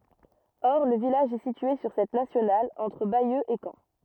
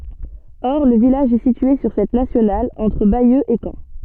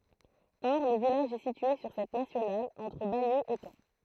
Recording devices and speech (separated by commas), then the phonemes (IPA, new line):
rigid in-ear microphone, soft in-ear microphone, throat microphone, read sentence
ɔʁ lə vilaʒ ɛ sitye syʁ sɛt nasjonal ɑ̃tʁ bajø e kɑ̃